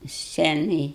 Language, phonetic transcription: Lithuanian, ˈscenaj

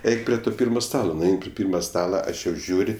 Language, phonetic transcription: Lithuanian, ˈeik pri ˈto ˈpyrma ˈstalo nuˈein pri ˈpyrma ˈstala ˈaš jau ˈžiūr'

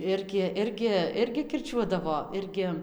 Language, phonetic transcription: Lithuanian, ˈirgi ˈirgi ˈirgi kirˈčiuodavo ˈirgi

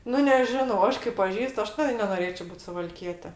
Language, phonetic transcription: Lithuanian, ˈnu neˈžinau ˈaš kai paˈžįst ˈaš tai nenoˈrėčio ˈbūt suvalˈkiete

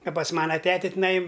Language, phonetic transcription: Lithuanian, a pas ˈmana ˈtete tiˈnai

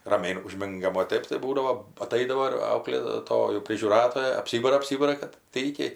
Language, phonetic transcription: Lithuanian, raˈmiai uˈžmingam o ˈtɜp tai ˈbūdavo aˈtaidavo ir auklėˈtojų prižiūˈratoja apˈsybara apˈsybara kad ˈtaikiai

